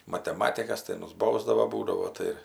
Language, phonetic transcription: Lithuanian, mateˈmatikas tai ˈmus ˈbausdavo ˈbūdavo ˈtai ir

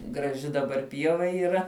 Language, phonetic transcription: Lithuanian, graˈži daˈbar ˈpieva yˈra

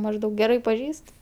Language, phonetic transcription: Lithuanian, mažˈdaug geˈrai paˈžįst

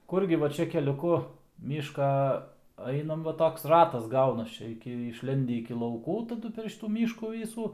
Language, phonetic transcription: Lithuanian, ˈkurgi ˈva ˈčia keliuˈku ˈmyška ˈainam ˈva ˈtoks ˈratas ˈgaunas ˈčia iˈki išˈlendi iki lauˈkų taˈdu per ˈšytų ˈmyškų ˈvysų

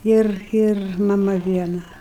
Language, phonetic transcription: Lithuanian, ˈir ir maˈma ˈviena

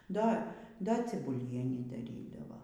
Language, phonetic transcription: Lithuanian, ˈda ˈda cibuˈlienį daˈrydava

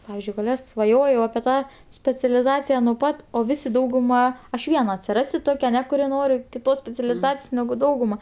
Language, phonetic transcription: Lithuanian, ˈpavizdžiui svaˈjojau apie ˈtą specialiˈzacija nuo ˈpat o ˈvisi dauguˈma aš ˈviena atsiˈrasiu ˈtokia aˈne kuˈri ˈnori kiˈtos specialiˈzacijos negu ˈdauguma

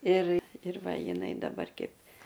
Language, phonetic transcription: Lithuanian, ir ir ˈva jiˈnai daˈbar ˈkeip

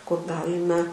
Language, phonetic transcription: Lithuanian, kur ˈgalime

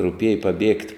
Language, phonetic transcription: Lithuanian, ruˈpieja paˈbiegt'

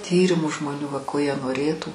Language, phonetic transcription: Lithuanian, ˈtyrimu žmoˈnių va ˈko jie noˈrėtų

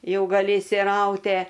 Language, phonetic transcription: Lithuanian, ˈjau gaˈli išsiˈraute

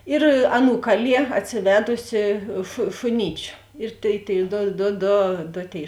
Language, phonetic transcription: Lithuanian, ir ˈaˌnų ˈkaˌlie atsiˈvedusi šu šuˈnyčiu ir tėi tėi ˈdo do ˈdo do ˈtėi

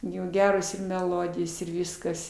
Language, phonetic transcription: Lithuanian, ˈjų ˈgeros ir meˈlodijos ir ˈvyskas

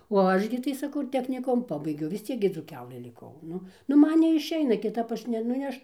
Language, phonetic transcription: Lithuanian, o ˈaš gi tai saˈkau ir techniˈkumu ˈpabaigiau vis ˈciek gi dzūˈkelɘ liˈkau ˈnu nu ˈman neišˈeina kiˈtap ˈaš ne nu ˈaš

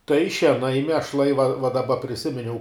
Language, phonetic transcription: Lithuanian, tai šieˈnai miešˈlai va va daˈba priˈsiminiau

